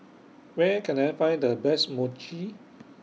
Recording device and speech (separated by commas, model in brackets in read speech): mobile phone (iPhone 6), read sentence